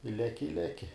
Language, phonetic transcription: Lithuanian, i ˈleki i ˈleki

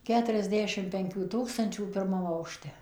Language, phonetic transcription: Lithuanian, ˌketuriasˈdešim penˈkių ˈtūkstančių pirˈmam aukˈšte

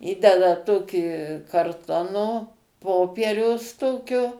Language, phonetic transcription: Lithuanian, ˈįdeda ˈtokį karˈtono ˈpopieriaus ˈtokio

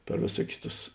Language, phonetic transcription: Lithuanian, per vėˈsuokius ˈtus

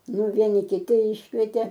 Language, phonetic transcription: Lithuanian, ˈnu ˈvieni kiˈti ˈiškvietė

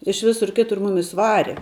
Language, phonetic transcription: Lithuanian, iš ˈvisur ˈkitur ˈmumis ˈvare

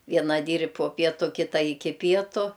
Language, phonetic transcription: Lithuanian, ˈviena ˈdyr' po ˈpietu ˈkita ˈiki ˈpietu

